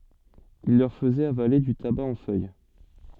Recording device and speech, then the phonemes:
soft in-ear microphone, read sentence
il lœʁ fəzɛt avale dy taba ɑ̃ fœj

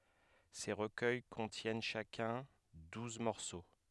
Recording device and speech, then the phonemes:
headset microphone, read sentence
se ʁəkœj kɔ̃tjɛn ʃakœ̃ duz mɔʁso

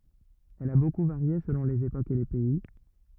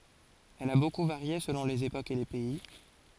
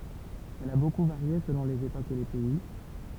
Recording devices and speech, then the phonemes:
rigid in-ear microphone, forehead accelerometer, temple vibration pickup, read sentence
ɛl a boku vaʁje səlɔ̃ lez epokz e le pɛi

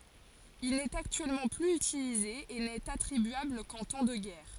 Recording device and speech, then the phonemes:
forehead accelerometer, read sentence
il nɛt aktyɛlmɑ̃ plyz ytilize e nɛt atʁibyabl kɑ̃ tɑ̃ də ɡɛʁ

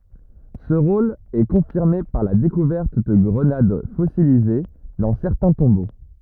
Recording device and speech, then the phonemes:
rigid in-ear microphone, read sentence
sə ʁol ɛ kɔ̃fiʁme paʁ la dekuvɛʁt də ɡʁənad fɔsilize dɑ̃ sɛʁtɛ̃ tɔ̃bo

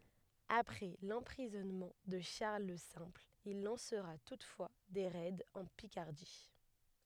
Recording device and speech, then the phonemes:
headset microphone, read sentence
apʁɛ lɑ̃pʁizɔnmɑ̃ də ʃaʁl lə sɛ̃pl il lɑ̃sʁa tutfwa de ʁɛdz ɑ̃ pikaʁdi

